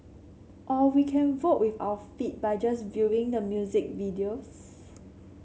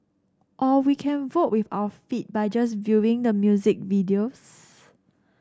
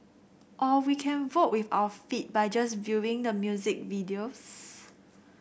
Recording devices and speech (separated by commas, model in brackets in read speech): mobile phone (Samsung C7), standing microphone (AKG C214), boundary microphone (BM630), read sentence